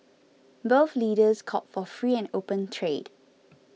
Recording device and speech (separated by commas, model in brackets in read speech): mobile phone (iPhone 6), read sentence